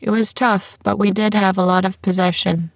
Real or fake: fake